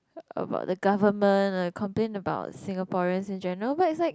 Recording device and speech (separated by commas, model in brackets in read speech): close-talking microphone, conversation in the same room